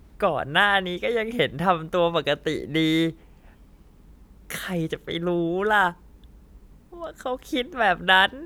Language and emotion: Thai, happy